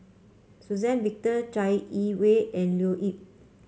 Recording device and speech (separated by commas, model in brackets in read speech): mobile phone (Samsung C5), read sentence